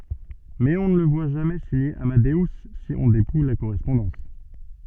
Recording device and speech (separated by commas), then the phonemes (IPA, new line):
soft in-ear microphone, read sentence
mɛz ɔ̃ nə lə vwa ʒamɛ siɲe amadø si ɔ̃ depuj la koʁɛspɔ̃dɑ̃s